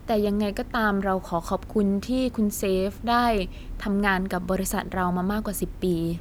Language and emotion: Thai, neutral